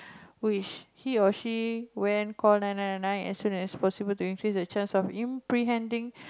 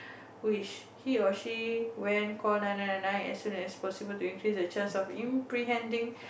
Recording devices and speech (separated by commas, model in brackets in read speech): close-talking microphone, boundary microphone, conversation in the same room